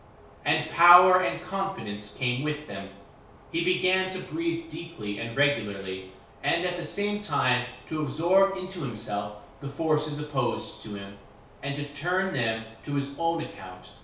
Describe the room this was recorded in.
A small space (about 3.7 m by 2.7 m).